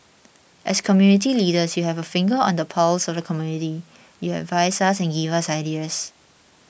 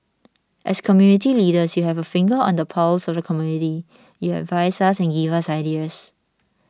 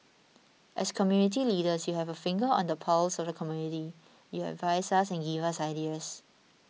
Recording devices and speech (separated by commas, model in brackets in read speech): boundary microphone (BM630), standing microphone (AKG C214), mobile phone (iPhone 6), read sentence